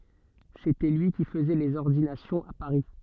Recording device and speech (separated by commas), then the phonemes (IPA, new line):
soft in-ear microphone, read sentence
setɛ lyi ki fəzɛ lez ɔʁdinasjɔ̃z a paʁi